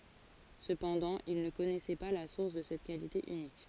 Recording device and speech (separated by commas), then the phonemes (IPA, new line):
forehead accelerometer, read sentence
səpɑ̃dɑ̃ il nə kɔnɛsɛ pa la suʁs də sɛt kalite ynik